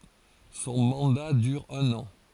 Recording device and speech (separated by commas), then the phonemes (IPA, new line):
forehead accelerometer, read sentence
sɔ̃ mɑ̃da dyʁ œ̃n ɑ̃